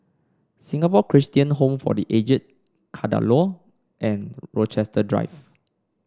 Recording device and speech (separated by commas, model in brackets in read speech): standing microphone (AKG C214), read sentence